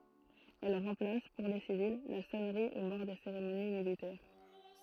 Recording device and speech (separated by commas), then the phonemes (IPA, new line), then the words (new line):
throat microphone, read sentence
ɛl ʁɑ̃plas puʁ le sivil la sɔnʁi o mɔʁ de seʁemoni militɛʁ
Elle remplace, pour les civils, la sonnerie aux morts des cérémonies militaires.